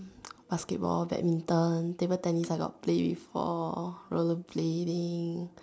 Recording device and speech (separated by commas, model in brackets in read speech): standing microphone, conversation in separate rooms